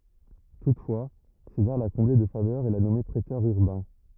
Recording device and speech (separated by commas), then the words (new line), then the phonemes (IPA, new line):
rigid in-ear microphone, read sentence
Toutefois, César l’a comblé de faveurs et l’a nommé préteur urbain.
tutfwa sezaʁ la kɔ̃ble də favœʁz e la nɔme pʁetœʁ yʁbɛ̃